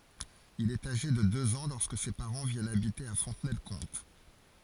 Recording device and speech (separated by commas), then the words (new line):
forehead accelerometer, read sentence
Il est âgé de deux ans lorsque ses parents viennent habiter à Fontenay-le-Comte.